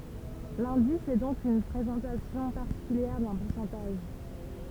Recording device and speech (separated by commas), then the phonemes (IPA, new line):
temple vibration pickup, read sentence
lɛ̃dis ɛ dɔ̃k yn pʁezɑ̃tasjɔ̃ paʁtikyljɛʁ dœ̃ puʁsɑ̃taʒ